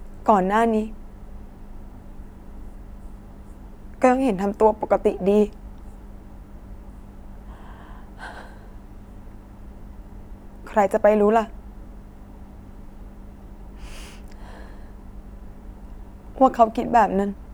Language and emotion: Thai, sad